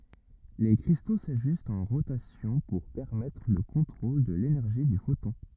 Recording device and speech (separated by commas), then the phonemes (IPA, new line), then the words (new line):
rigid in-ear microphone, read sentence
le kʁisto saʒystt ɑ̃ ʁotasjɔ̃ puʁ pɛʁmɛtʁ lə kɔ̃tʁol də lenɛʁʒi dy fotɔ̃
Les cristaux s’ajustent en rotation pour permettre le contrôle de l’énergie du photon.